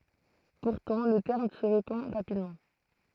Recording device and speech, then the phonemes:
throat microphone, read sentence
puʁtɑ̃ lə tɛʁm sə ʁepɑ̃ ʁapidmɑ̃

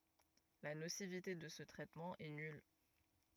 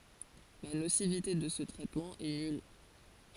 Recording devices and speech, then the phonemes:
rigid in-ear microphone, forehead accelerometer, read sentence
la nosivite də sə tʁɛtmɑ̃ ɛ nyl

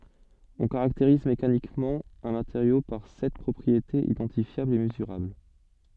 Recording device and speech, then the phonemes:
soft in-ear microphone, read sentence
ɔ̃ kaʁakteʁiz mekanikmɑ̃ œ̃ mateʁjo paʁ sɛt pʁɔpʁietez idɑ̃tifjablz e məzyʁabl

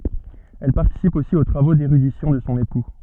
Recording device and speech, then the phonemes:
soft in-ear microphone, read sentence
ɛl paʁtisip osi o tʁavo deʁydisjɔ̃ də sɔ̃ epu

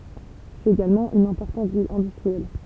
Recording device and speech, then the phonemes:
temple vibration pickup, read sentence
sɛt eɡalmɑ̃ yn ɛ̃pɔʁtɑ̃t vil ɛ̃dystʁiɛl

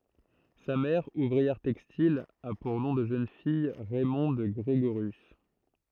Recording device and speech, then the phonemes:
throat microphone, read sentence
sa mɛʁ uvʁiɛʁ tɛkstil a puʁ nɔ̃ də ʒøn fij ʁɛmɔ̃d ɡʁeɡoʁjys

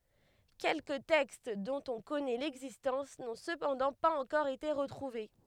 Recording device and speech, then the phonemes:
headset microphone, read sentence
kɛlkə tɛkst dɔ̃t ɔ̃ kɔnɛ lɛɡzistɑ̃s nɔ̃ səpɑ̃dɑ̃ paz ɑ̃kɔʁ ete ʁətʁuve

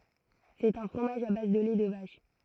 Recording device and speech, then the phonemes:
throat microphone, read sentence
sɛt œ̃ fʁomaʒ a baz də lɛ də vaʃ

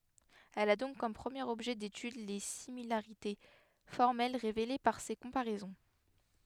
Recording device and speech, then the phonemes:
headset microphone, read sentence
ɛl a dɔ̃k kɔm pʁəmjeʁ ɔbʒɛ detyd le similaʁite fɔʁmɛl ʁevele paʁ se kɔ̃paʁɛzɔ̃

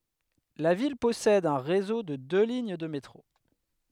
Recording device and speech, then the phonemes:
headset microphone, read sentence
la vil pɔsɛd œ̃ ʁezo də dø liɲ də metʁo

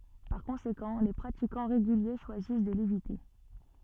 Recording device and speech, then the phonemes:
soft in-ear microphone, read sentence
paʁ kɔ̃sekɑ̃ le pʁatikɑ̃ ʁeɡylje ʃwazis də levite

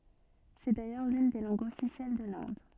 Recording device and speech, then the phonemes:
soft in-ear microphone, read sentence
sɛ dajœʁ lyn de lɑ̃ɡz ɔfisjɛl də lɛ̃d

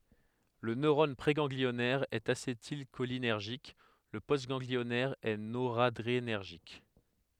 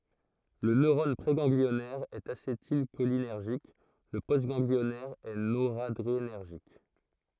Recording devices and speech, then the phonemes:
headset microphone, throat microphone, read sentence
lə nøʁɔn pʁeɡɑ̃ɡliɔnɛʁ ɛt asetilʃolinɛʁʒik lə postɡɑ̃ɡliɔnɛʁ ɛ noʁadʁenɛʁʒik

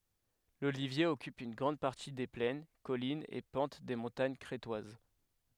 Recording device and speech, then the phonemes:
headset microphone, read sentence
lolivje ɔkyp yn ɡʁɑ̃d paʁti de plɛn kɔlinz e pɑ̃t de mɔ̃taɲ kʁetwaz

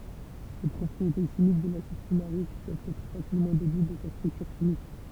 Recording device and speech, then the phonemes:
temple vibration pickup, read sentence
le pʁɔpʁiete ʃimik də lasid fymaʁik pøvt ɛtʁ fasilmɑ̃ dedyit də sa stʁyktyʁ ʃimik

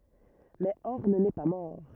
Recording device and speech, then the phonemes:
rigid in-ear microphone, read sentence
mɛ ɔʁn nɛ pa mɔʁ

